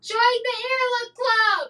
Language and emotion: English, neutral